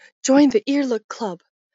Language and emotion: English, fearful